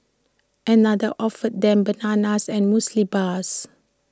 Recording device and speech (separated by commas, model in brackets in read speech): standing microphone (AKG C214), read sentence